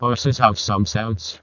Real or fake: fake